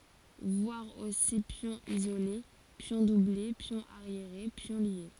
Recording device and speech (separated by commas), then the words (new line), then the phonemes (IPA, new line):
forehead accelerometer, read sentence
Voir aussi pion isolé, pions doublés, pion arriéré, pions liés.
vwaʁ osi pjɔ̃ izole pjɔ̃ duble pjɔ̃ aʁjeʁe pjɔ̃ lje